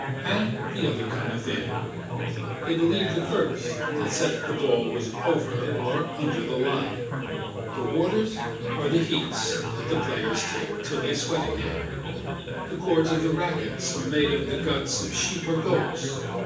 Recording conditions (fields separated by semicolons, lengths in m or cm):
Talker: one person; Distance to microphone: 9.8 m; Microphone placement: far; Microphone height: 1.8 m; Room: large; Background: babble